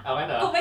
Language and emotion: Thai, happy